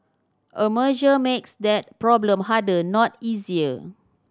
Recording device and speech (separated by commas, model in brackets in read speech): standing microphone (AKG C214), read sentence